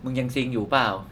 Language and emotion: Thai, neutral